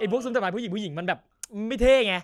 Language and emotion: Thai, frustrated